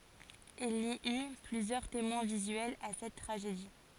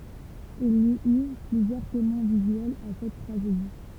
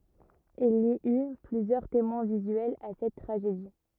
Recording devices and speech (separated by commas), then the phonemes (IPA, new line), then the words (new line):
forehead accelerometer, temple vibration pickup, rigid in-ear microphone, read sentence
il i y plyzjœʁ temwɛ̃ vizyɛlz a sɛt tʁaʒedi
Il y eut plusieurs témoins visuels à cette tragédie.